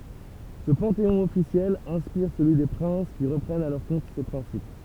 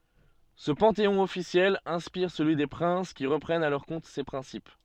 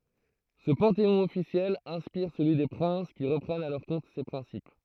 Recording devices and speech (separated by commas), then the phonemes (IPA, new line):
temple vibration pickup, soft in-ear microphone, throat microphone, read sentence
sə pɑ̃teɔ̃ ɔfisjɛl ɛ̃spiʁ səlyi de pʁɛ̃s ki ʁəpʁɛnt a lœʁ kɔ̃t se pʁɛ̃sip